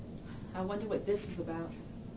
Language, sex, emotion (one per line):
English
female
fearful